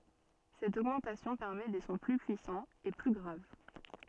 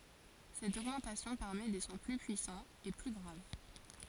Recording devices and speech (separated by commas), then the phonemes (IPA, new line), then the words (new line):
soft in-ear microphone, forehead accelerometer, read sentence
sɛt oɡmɑ̃tasjɔ̃ pɛʁmɛ de sɔ̃ ply pyisɑ̃z e ply ɡʁav
Cette augmentation permet des sons plus puissants et plus graves.